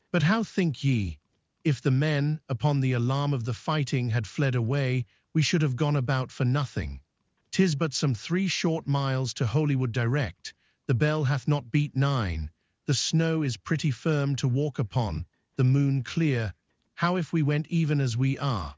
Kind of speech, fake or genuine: fake